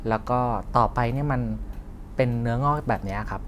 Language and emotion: Thai, neutral